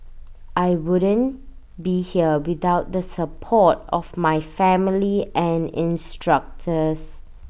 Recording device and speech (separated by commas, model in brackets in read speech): boundary microphone (BM630), read sentence